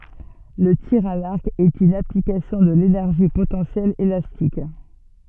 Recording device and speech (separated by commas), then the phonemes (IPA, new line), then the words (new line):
soft in-ear microphone, read sentence
lə tiʁ a laʁk ɛt yn aplikasjɔ̃ də lenɛʁʒi potɑ̃sjɛl elastik
Le tir à l'arc est une application de l'énergie potentielle élastique.